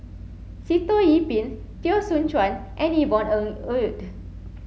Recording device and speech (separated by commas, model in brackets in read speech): mobile phone (Samsung C7), read sentence